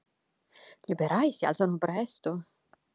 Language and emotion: Italian, surprised